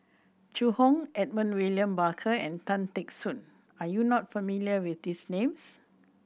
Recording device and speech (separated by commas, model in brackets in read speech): boundary microphone (BM630), read sentence